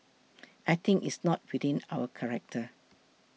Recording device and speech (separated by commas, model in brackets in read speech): mobile phone (iPhone 6), read sentence